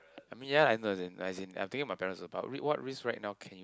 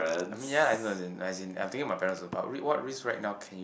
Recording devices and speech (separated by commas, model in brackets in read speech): close-talking microphone, boundary microphone, conversation in the same room